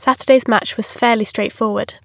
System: none